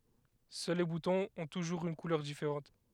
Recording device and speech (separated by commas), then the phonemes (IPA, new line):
headset microphone, read sentence
sœl le butɔ̃z ɔ̃ tuʒuʁz yn kulœʁ difeʁɑ̃t